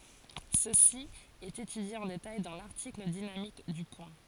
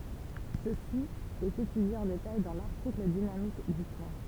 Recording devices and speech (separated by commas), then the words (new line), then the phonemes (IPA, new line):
forehead accelerometer, temple vibration pickup, read sentence
Ceci est étudié en détail dans l'article dynamique du point.
səsi ɛt etydje ɑ̃ detaj dɑ̃ laʁtikl dinamik dy pwɛ̃